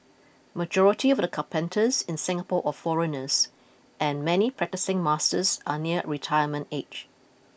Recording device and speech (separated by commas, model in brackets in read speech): boundary microphone (BM630), read sentence